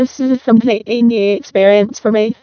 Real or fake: fake